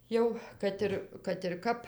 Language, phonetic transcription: Lithuanian, ˈjau ˈkad ir kad ir ˈkap

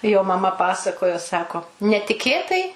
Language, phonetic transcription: Lithuanian, jo maˈma ˈpasakojo ˈsako netiˈkėtai

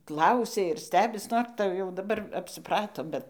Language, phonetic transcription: Lithuanian, ˈklausia ir ˈstebis ˈnor tai jau daˈbar apsiˈprato ˈbet

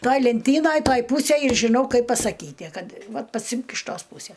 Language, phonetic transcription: Lithuanian, ˈtaj lenˈtynaj ˈtaj ˈpūsėj ir žiˈnau ˈkaip pasaˈkyti ˈkad ˈvat paˈsimk iš ˈtos ˈpūse

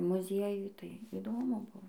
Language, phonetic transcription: Lithuanian, muˈziejuj tai įˈdomu ˈbuvo

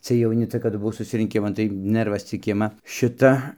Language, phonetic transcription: Lithuanian, cɨej jauˈni ˈcia kadu buˈvau susirinˈkiman tai ˈnɜrvas cik ˈima ˈšita

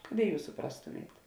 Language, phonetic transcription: Lithuanian, kad i ˈjūs suˈprastumėt

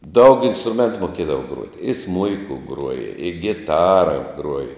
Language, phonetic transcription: Lithuanian, daug instruˈmentu moˈkiedava ˈgruoti i ˈsmuiku ˈgruoja i giˈtara ˈgruoja

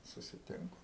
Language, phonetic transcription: Lithuanian, susiˈtinku

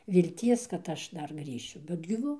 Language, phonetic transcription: Lithuanian, vilˈties kad ˈaš ˈdar ˈgrįšiu bet gyˈva

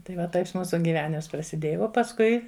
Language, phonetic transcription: Lithuanian, tai ˈva ˈtais ˈmūsu gyˈvenims prasiˈdėja o pasˈkui

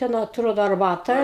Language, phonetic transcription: Lithuanian, ˈten atˈrodo arˈbata

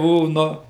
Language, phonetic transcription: Lithuanian, ˈbuo ˈnu

